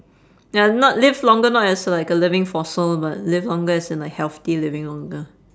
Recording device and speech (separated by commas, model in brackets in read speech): standing microphone, conversation in separate rooms